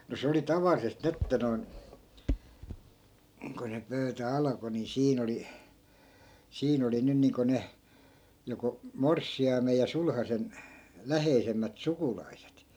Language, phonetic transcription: Finnish, no se oli "tavallisest 'ni että noi̮n , ko ny 'pöytä 'alᵃko ni 'siin ‿oli , "siin ‿oli 'nyn niiŋko 'ne , joko , "morssi₍aimej ja 'sulhasen , 'läheisemmät 'sukulaiset .
- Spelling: no se oli tavallisesti niin että noin kun nyt pöytä alkoi niin siinä oli siinä oli nyt niin kuin ne joko morsiamen ja sulhasen läheisemmät sukulaiset

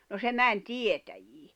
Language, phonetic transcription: Finnish, no se 'män "tietäjii .
- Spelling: no se meni tietäjiin

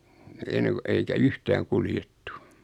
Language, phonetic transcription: Finnish, 'enne ku eikä "yhtääŋ 'kuljettu .
- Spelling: ennen kuin eikä yhtään kuljettu

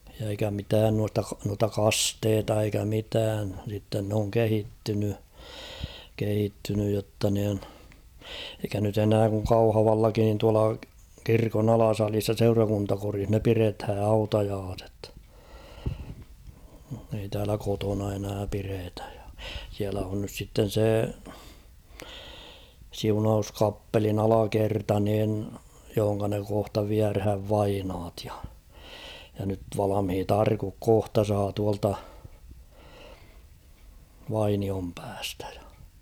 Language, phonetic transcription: Finnish, ja eikä 'mitään nuasta k- nuata "kasteeta eikä 'mitään sitten n ‿oŋ 'kehittyny , kehittynyj jotta niin , eikä nyt ‿'enää kuŋ "Kauhavallakin nin tuala 'kirkon ‿"alasalis ja "seurakuntakorih ne 'pirethä "hautajaaset ; ei täälä 'kotona enää 'piretᴀ̈ᴊ ᴊᴀ ; siälä on nys sitten̬ 'sè , 'siunaus'kappelin "alakerta niin , johoŋka ne kohta 'viärhäv "vainaat ᴊᴀ ; ja nyt 'valamhit "arkuk 'kohta saa tualta , 'Vainiompäästᴀ̈ .
- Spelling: ja eikä mitään noista - noita kasteita eikä mitään sitten ne on kehittynyt kehittynyt jotta niin eikä nyt enää kun Kauhavallakin niin tuolla kirkon alasalissa ja seurakuntakodissa ne pidetään hautajaiset ei täällä kotona enää pidetä ja siellä on nyt sitten se siunauskappelin alakerta niin johon ne kohta viedään vainajat ja ja nyt valmiit arkut kohta saa tuolta Vainionpäästä

